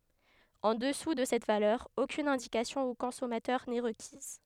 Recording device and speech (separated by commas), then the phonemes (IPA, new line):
headset microphone, read sentence
ɑ̃ dəsu də sɛt valœʁ okyn ɛ̃dikasjɔ̃ o kɔ̃sɔmatœʁ nɛ ʁəkiz